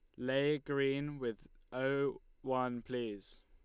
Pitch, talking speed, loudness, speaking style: 130 Hz, 110 wpm, -37 LUFS, Lombard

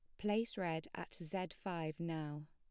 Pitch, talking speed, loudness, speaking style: 170 Hz, 155 wpm, -42 LUFS, plain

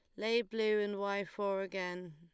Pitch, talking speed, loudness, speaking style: 200 Hz, 185 wpm, -36 LUFS, Lombard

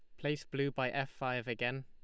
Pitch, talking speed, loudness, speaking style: 135 Hz, 220 wpm, -37 LUFS, Lombard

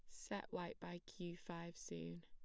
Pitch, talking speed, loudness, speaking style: 170 Hz, 175 wpm, -50 LUFS, plain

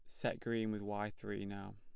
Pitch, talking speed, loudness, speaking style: 105 Hz, 230 wpm, -41 LUFS, plain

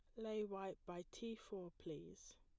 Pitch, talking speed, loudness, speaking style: 195 Hz, 165 wpm, -50 LUFS, plain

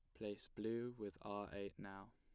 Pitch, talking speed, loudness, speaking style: 105 Hz, 185 wpm, -49 LUFS, plain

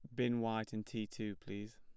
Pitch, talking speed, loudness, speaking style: 110 Hz, 230 wpm, -41 LUFS, plain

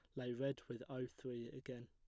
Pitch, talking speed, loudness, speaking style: 125 Hz, 215 wpm, -47 LUFS, plain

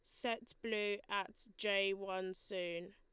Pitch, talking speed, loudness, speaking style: 200 Hz, 130 wpm, -40 LUFS, Lombard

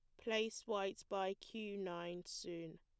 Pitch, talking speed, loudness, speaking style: 195 Hz, 140 wpm, -44 LUFS, plain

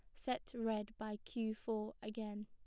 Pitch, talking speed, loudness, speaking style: 215 Hz, 160 wpm, -43 LUFS, plain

